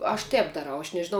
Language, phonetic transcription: Lithuanian, aš ˈtēp daˈrau aš nežiˈnau

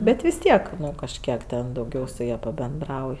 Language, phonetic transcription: Lithuanian, ˈbet vis ˈtiek ˈnu kažˈkiek ten dauˈgiau su ˈja pabenˈdrauj

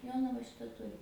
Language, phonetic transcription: Lithuanian, ˈjonava ˈšita ˈturi

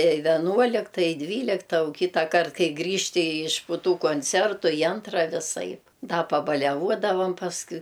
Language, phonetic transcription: Lithuanian, i veˈnuolikta i ˈdvylikta u ˈkytakart ˈkai ˈgrįžti iš pu ˈtų kuncertu i ˈantra viˈsaip ˈda pabaliaˈvuodavam pasˈkui

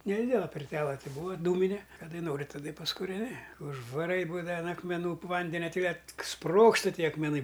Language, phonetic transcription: Lithuanian, neˈdidela pirˈtela ˈti ˈbūva ˈdūmine kaˈdai ˈnori taˈda i paskureˈni užvaˈrai ˈbūdava an akmeˈnų ˈvandenia ˈti kad ˈsprogsta ˈtie akmeˈnai

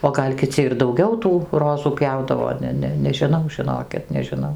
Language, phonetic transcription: Lithuanian, o ˈgal' kiˈci ir dauˈgiau tų ˈrozų ˈpjaudavo ˈne ˈne nežiˈnau žiˈnokit nežiˈnau

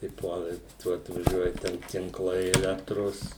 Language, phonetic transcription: Lithuanian, tai ˈpuola i ˈtuo atvaˈžiuoja ˈten tinˈklai eˈlektros

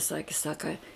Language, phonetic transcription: Lithuanian, ˈsaki ˈsaka

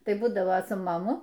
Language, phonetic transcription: Lithuanian, ˈtai ˈbūdavo su maˈmu

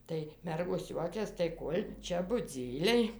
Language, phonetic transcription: Lithuanian, tai ˈmergos ˈjuokias tai ˈkol' ˈčia buˈdzyliai

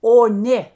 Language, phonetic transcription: Lithuanian, o ˈnė

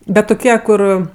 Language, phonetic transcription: Lithuanian, ˈbet tuˈkie ˈkur

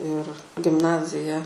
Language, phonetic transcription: Lithuanian, ir gimˈnazija

